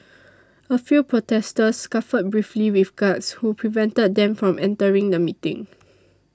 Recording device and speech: standing microphone (AKG C214), read sentence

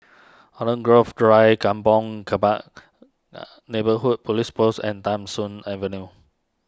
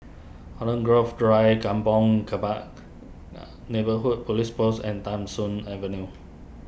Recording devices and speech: standing microphone (AKG C214), boundary microphone (BM630), read sentence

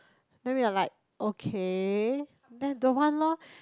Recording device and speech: close-talking microphone, conversation in the same room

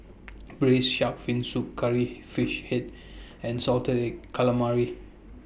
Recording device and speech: boundary microphone (BM630), read sentence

